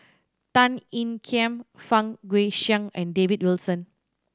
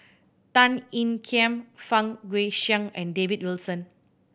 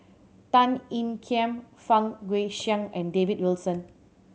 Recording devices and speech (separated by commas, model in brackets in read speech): standing microphone (AKG C214), boundary microphone (BM630), mobile phone (Samsung C7100), read sentence